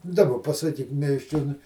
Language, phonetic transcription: Lithuanian, daˈba pasaˈkyk miesˈčionui

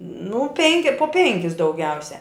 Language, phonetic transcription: Lithuanian, nu ˈpenki po ˈpenkis dauˈgiausia

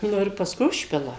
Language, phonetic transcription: Lithuanian, ˈnu ir pasˈkui ˈužpila

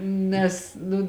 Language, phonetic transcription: Lithuanian, ˈnes nu

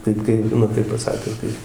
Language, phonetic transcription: Lithuanian, ˈtaip kai ˈnu taip paˈsakius ˈkai

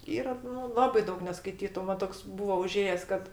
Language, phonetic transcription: Lithuanian, ˈyra nu ˈlabai ˈdaug neskaiˈtytu ˈman toks ˈbūva uˈžėjes ˈkad

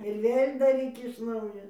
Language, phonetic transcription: Lithuanian, ir ˈvėl' daˈryk iš ˈnaujo

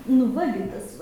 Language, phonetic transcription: Lithuanian, nu ˈva gi ˈtas va

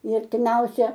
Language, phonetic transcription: Lithuanian, i artiˈmiausią

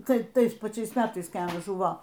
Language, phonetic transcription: Lithuanian, ˈtai ˈtais paˈčiais ˈmetais kai ˈanas ˈžuvo

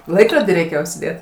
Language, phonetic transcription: Lithuanian, ˈlaikrodį reiˈkėjo užsiˈdėt

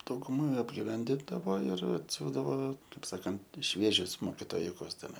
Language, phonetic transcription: Lithuanian, dauguˈma apgiˈvendindavo ir atˈsiųsdavo ˈkaip ˈsakant ˈšviežius mokitoˈjukus teˈnai

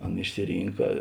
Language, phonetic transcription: Lithuanian, ˈan išsiˈrynka

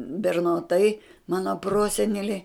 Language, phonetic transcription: Lithuanian, bernoˈtai ˈmano ˈprosenelė

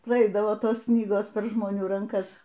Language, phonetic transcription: Lithuanian, praˈeidavo ˈtos ˈknygos per žmoˈnių ranˈkas

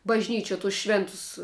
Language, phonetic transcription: Lithuanian, bažˈnyčiuo tus ˈšvėntus

